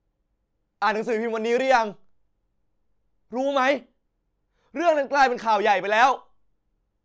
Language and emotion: Thai, angry